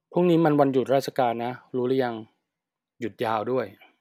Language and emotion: Thai, neutral